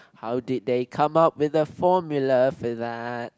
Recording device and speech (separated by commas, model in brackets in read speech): close-talking microphone, conversation in the same room